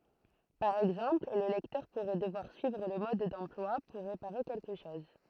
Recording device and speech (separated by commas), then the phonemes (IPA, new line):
throat microphone, read sentence
paʁ ɛɡzɑ̃pl lə lɛktœʁ puʁɛ dəvwaʁ syivʁ lə mɔd dɑ̃plwa puʁ ʁepaʁe kɛlkə ʃɔz